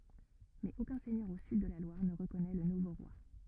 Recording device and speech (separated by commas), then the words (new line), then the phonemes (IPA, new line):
rigid in-ear microphone, read sentence
Mais aucun seigneur au sud de la Loire ne reconnaît le nouveau roi.
mɛz okœ̃ sɛɲœʁ o syd də la lwaʁ nə ʁəkɔnɛ lə nuvo ʁwa